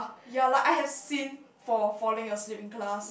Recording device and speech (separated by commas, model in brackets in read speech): boundary microphone, conversation in the same room